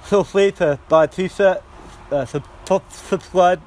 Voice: with lisp